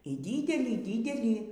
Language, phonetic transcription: Lithuanian, y ˈdydelį ˈdydelį

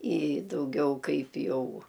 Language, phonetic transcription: Lithuanian, i dauˈgiau ˈkaip ˈjau

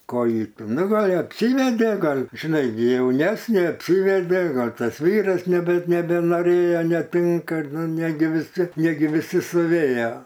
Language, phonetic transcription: Lithuanian, ˈko ˈji ˈnu ˈgal' apˈsyvedė ˈgal' žiˈnai ˈgi jauˈnesnė apˈsyvedė ˈgal' ˈtas ˈvyras nebe nebenoˈrėjo neˈtinka ˈnu ˈnegi viˈsi neˈgi viˈsi suˈvėjo

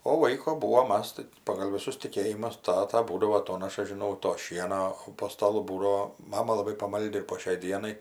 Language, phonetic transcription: Lithuanian, o ˈlaiko ˈbūvo ˈmas tai pagal viˈsus tiˈkėjimus ˈtata ˈbūdavo aˈtonaša žiˈnau to ˈšieno o po staˈlu ˈbūdao ˈmama laˈbai paˈmaldi ir po šiai ˈdienai

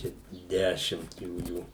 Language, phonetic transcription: Lithuanian, ˈčia ˈdešimt ˈjųjų

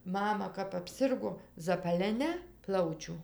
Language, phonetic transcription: Lithuanian, ˈmama kap apˈsirgo zapaleˈnia ˈplaučiu

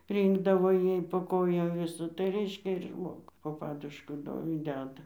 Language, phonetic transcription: Lithuanian, ˈrynkdavo ˈjai po ˈkojom ˈvisa tai ˈreiškia ir ˈžmogu po ˈpadušku ˈdo i ˈdeda

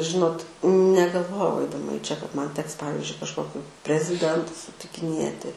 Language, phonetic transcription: Lithuanian, ˈžinot negalˈvojau aidaˈma į čia kad ˈman ˈteks ˈpavizdžiui kažˈkokiu preziˈdentus sutikiˈnėti

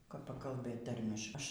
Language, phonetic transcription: Lithuanian, kap pakalˈbɘt ˈtarmiš ˈaš

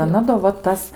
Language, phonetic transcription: Lithuanian, aˈna do va ˈtas

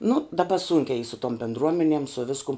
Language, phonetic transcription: Lithuanian, nu daˈba ˈsūnkia y su tom bendˈruomenem su ˈviskum

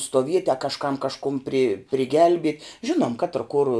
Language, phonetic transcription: Lithuanian, stuoˈvieti a kažˈkam kažˈkum pri priˈgelbiet' ˈžinuom katr kur

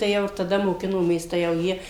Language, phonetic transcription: Lithuanian, tai ˈjau ir taˈda moˈkinomės tai jau ˈjie

